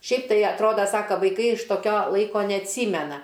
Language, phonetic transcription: Lithuanian, ˈšiaip tai atˈroda ˈsaka vaiˈkai iš toˈkio ˈlaiko neatˈsymena

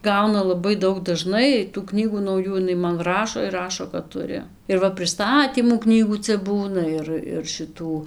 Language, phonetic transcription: Lithuanian, ˈgauna laˈbai ˈdaug daˈžnai tų ˈknygų nauˈjų iˈnai man ˈrašo ir ˈrašo kad ˈturi ir ˈva priˈstatymų ˈknygų ˈcia ˈbūna ˈir ir šiˈtų

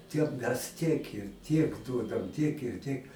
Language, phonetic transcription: Lithuanian, ˈtiem mes tiek ir ˈtiek ˈduodam tiek ir ˈtiek

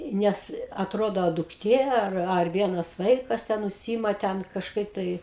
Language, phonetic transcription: Lithuanian, ˈnes atˈrodo dukˈtė ˈar ar ˈvienas ˈvaikas ˈten užˈsyima ˈten kažˈkaip tai

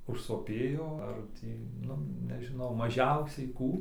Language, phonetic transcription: Lithuanian, užsoˈpėjo ar ˈtį ˈnu nežiˈnau maˈžiausiai ˈkų

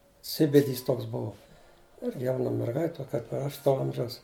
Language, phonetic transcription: Lithuanian, ˈsibidys ˈtoks ˈbuo ˈirgi ˈjauna merˈgait' ˈto kaip ir ˈaš to ˈamžiaus

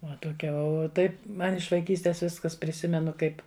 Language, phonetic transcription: Lithuanian, ˈva toˈkia o ˈtaip ˈman iš vaiˈkystės ˈviskas priˈsimenu ˈkaip

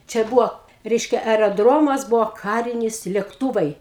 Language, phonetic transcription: Lithuanian, čia ˈbuvo ˈreiškia ereˈdromas ˈbuvo ˈkarinis lekˈtūvai

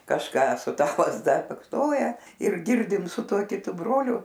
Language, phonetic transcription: Lithuanian, kažˈką su ˈta lazˈda baksˈnoja ir ˈgirdim su ˈtuo kiˈtu broliu

